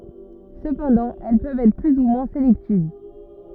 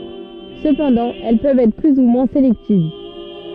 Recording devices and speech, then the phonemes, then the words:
rigid in-ear microphone, soft in-ear microphone, read sentence
səpɑ̃dɑ̃ ɛl pøvt ɛtʁ ply u mwɛ̃ selɛktiv
Cependant elles peuvent être plus ou moins sélectives.

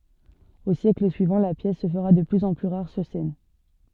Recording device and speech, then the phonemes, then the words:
soft in-ear microphone, read sentence
o sjɛkl syivɑ̃ la pjɛs sə fəʁa də plyz ɑ̃ ply ʁaʁ syʁ sɛn
Aux siècles suivants, la pièce se fera de plus en plus rare sur scène.

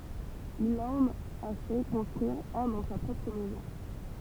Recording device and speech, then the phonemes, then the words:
temple vibration pickup, read sentence
il ɑ̃n a fɛ kɔ̃stʁyiʁ œ̃ dɑ̃ sa pʁɔpʁ mɛzɔ̃
Il en a fait construire un dans sa propre maison.

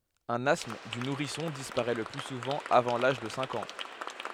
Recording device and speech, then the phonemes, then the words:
headset microphone, read sentence
œ̃n astm dy nuʁisɔ̃ dispaʁɛ lə ply suvɑ̃ avɑ̃ laʒ də sɛ̃k ɑ̃
Un asthme du nourrisson disparaît le plus souvent avant l'âge de cinq ans.

